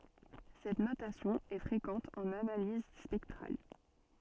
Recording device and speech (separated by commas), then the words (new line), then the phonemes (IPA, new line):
soft in-ear microphone, read sentence
Cette notation est fréquente en analyse spectrale.
sɛt notasjɔ̃ ɛ fʁekɑ̃t ɑ̃n analiz spɛktʁal